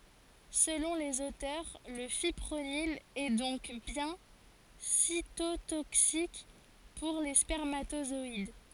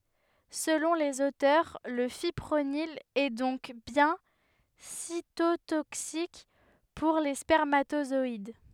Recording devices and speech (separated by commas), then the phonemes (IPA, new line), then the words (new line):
forehead accelerometer, headset microphone, read sentence
səlɔ̃ lez otœʁ lə fipʁonil ɛ dɔ̃k bjɛ̃ sitotoksik puʁ le spɛʁmatozɔid
Selon les auteurs, le fipronil est donc bien cytotoxique pour les spermatozoïdes.